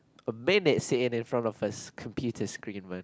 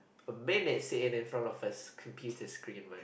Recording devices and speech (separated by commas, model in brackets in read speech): close-talking microphone, boundary microphone, conversation in the same room